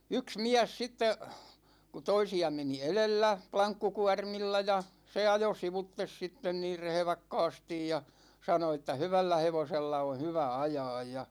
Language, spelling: Finnish, yksi mies sitten kun toisia meni edellä lankkukuormilla ja se ajoi sivuitse sitten niin rehvakkaasti ja sanoi että hyvällä hevosella on hyvä ajaa ja
- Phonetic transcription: 'yks 'miäs sitte , ku 'toisi₍a 'meni "elellä , 'plaŋkkukuarmilla ja , 'se ajo 'sivuttes 'sitten niir 'rehᵉvakkaastij ja , 'sano että » "hyvällä 'hevosella on̬ 'hyvä 'ajaaj « ja .

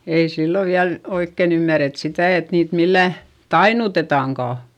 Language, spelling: Finnish, ei silloin vielä oikein ymmärretty sitä että niitä millään tainnutetaankaan
- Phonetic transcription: ei sillo viäl , oikkèn ‿ymmäret sitä̀ et niit millä̀ , tainutetàŋkà .

